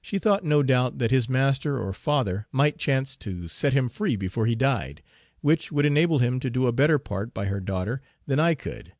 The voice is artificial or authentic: authentic